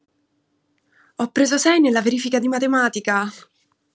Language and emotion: Italian, happy